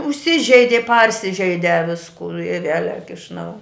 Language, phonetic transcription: Lithuanian, užˈsižeidi ˈparsižeide ˈviskū i ˈvielek iš ˈnau

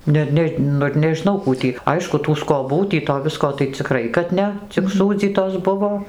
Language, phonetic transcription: Lithuanian, ˈne ˈne ˈnu ir nežiˈnau ˈkų tį ˈaišku tų skoˈbų tį to ˈvisko tai ciˈkrai kad ˈne cik ˈsūdzytos ˈbuvo

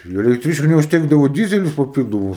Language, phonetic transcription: Lithuanian, tai elekˈtryčku neužˈtekdavo ˈdyzelius paˈpildomus

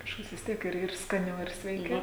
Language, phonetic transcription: Lithuanian, kažˈkas vis ˈtiek ir ir skaˈniau ir sveiˈkiau

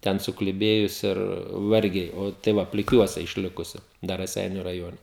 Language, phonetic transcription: Lithuanian, ˈten sukliˈbėjus ir ˈvargiai ˈo tai ˈva pliˈkiuose išˈlikusi ˈdar raˈseiniu raˈjone

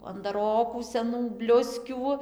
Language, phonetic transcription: Lithuanian, andaˈrokų seˈnų ˈbliuskių

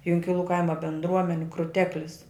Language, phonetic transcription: Lithuanian, junkiˈlų ˈkaima bendˈruomeni kruˈteklis

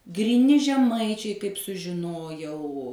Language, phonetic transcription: Lithuanian, gryˈni žeˈmaičiai kaip sužiˈnojau

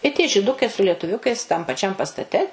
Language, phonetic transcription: Lithuanian, i tie žiˈdukai su lietuˈviukais tam paˈčiam pastaˈte

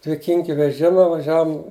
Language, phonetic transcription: Lithuanian, dviˈkinki veˈžima vaˈžiavum

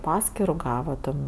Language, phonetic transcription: Lithuanian, ˈpaskiru ˈgava ˈten

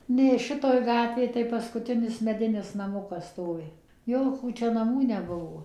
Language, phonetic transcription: Lithuanian, ˈnė ˈšitoj ˈgatvėj tai paskuˈtinis meˈdinis naˈmukas ˈstovi ˈjokų ˈčia naˈmų neˈbuvo

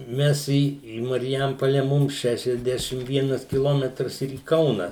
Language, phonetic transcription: Lithuanian, ˈmes į į marˈjampole ˈmum ˌšešiasˈdešim ˈvienas kiˈlometras ir į ˈkauna

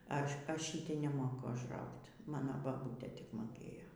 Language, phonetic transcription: Lithuanian, ˈaš ˈaš šytei neˈmoku ažˈraugt' ˈmano baˈbūtė ˈtik moˈkėjo

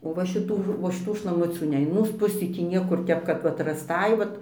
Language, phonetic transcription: Lithuanian, o va šiˈtų o šiˈtų šlaˈmucių ˈne in ˈmūs ˈpusį ˈtį ˈniekur ˈtep kad ˈvat rasˈtai ˈvat

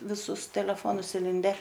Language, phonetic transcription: Lithuanian, viˈsus teleˈfonus iˈlinde

